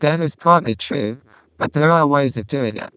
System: VC, vocoder